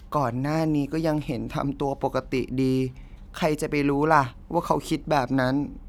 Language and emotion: Thai, frustrated